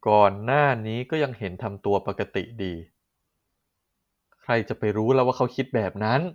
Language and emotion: Thai, frustrated